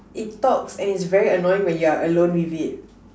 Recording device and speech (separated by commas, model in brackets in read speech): standing microphone, conversation in separate rooms